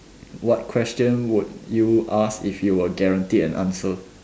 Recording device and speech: standing microphone, conversation in separate rooms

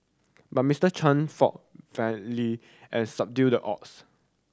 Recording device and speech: standing microphone (AKG C214), read sentence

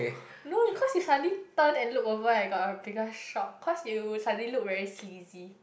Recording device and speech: boundary microphone, conversation in the same room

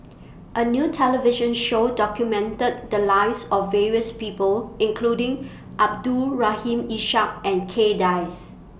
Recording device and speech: boundary microphone (BM630), read sentence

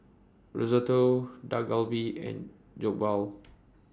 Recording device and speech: standing microphone (AKG C214), read sentence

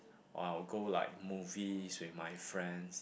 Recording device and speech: boundary microphone, conversation in the same room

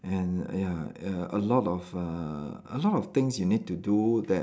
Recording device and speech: standing microphone, conversation in separate rooms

